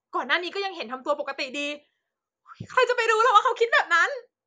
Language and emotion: Thai, happy